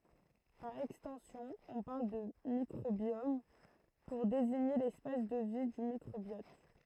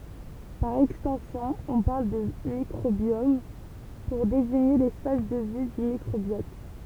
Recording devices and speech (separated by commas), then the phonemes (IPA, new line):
throat microphone, temple vibration pickup, read sentence
paʁ ɛkstɑ̃sjɔ̃ ɔ̃ paʁl də mikʁobjɔm puʁ deziɲe lɛspas də vi dy mikʁobjɔt